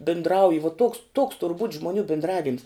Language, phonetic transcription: Lithuanian, bindˈrauji vuo toks tuoks tur būt' žmuˈnių bindˈravims

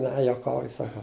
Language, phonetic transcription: Lithuanian, ˈne juoˈkauju saˈkau

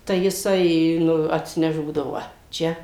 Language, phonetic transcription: Lithuanian, tai jiˈsai ˈnu atsiˈneš ˈbūdavo ˈva ˈčia

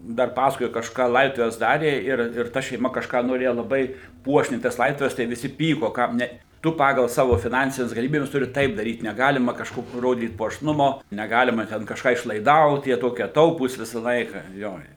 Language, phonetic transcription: Lithuanian, ˈdar ˈpasakojo kažˈką ˈlaidotuves ˈdarė ir ir ˈta šeiˈma kažˈką noˈrėja laˈbai ˈpuošniai tas ˈlaidotuves tai viˈsi ˈpyko kam ˈne ˈtu ˈpagal ˈsavo fiˈnansines galiˈmybes ˈturi ˈtaip daˈryt neˈgalima kažˈkokio ˈrodyt puošˈnumo neˈgalima ˈten kažˈką išlaiˈdaut jie ˈtokie ˈtaupūs ˈvisa ˈlaika ˈjo i

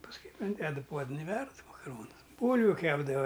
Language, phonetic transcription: Lithuanian, pasˈkui inˈdedu ˈpuodən i ˈverd makaˈronus ˈbūlviu ˈkepdava

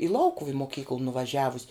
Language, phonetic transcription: Lithuanian, i ˈlaukuv i moˈkykl nuvaˈžiavus'

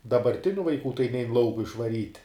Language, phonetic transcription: Lithuanian, dabarˈtiniu vaiˈkų tai nein ˈlauku išvaˈryt'

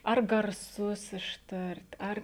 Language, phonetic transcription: Lithuanian, ar garˈsus išˈtart' ˈar

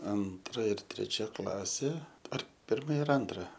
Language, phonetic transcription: Lithuanian, ˈantra ir treˈčia ˈklasė ar ˈpirma ir ˈantra

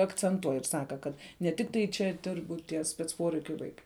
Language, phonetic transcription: Lithuanian, akcenˈtuoj ir ˈsaka ˈkad ne ˈtiktai ˈčia ˈdirbu tie spec ˈporeikiu ˈvaikai

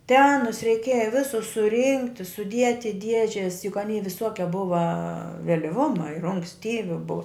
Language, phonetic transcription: Lithuanian, te ˈanus reiˈkėja ˈvisus suˈrinkti suˈdieti i ˈdiežes juk ˈanei viˈsokia ˈbuva veliˈvuma ir unksˈtyvi bu

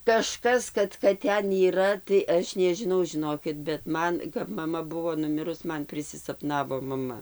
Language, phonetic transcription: Lithuanian, kaˈžkas kad kad ˈten yˈra tai ˈaš nežiˈnau žiˈnokit bet ˈman kap maˈma ˈbuvo nuˈmirus ˈman prisisapˈnavo maˈma

